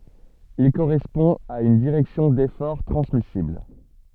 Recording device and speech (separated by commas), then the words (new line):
soft in-ear microphone, read sentence
Il correspond à une direction d'effort transmissible.